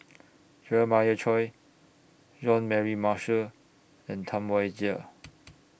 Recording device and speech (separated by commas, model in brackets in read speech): boundary microphone (BM630), read sentence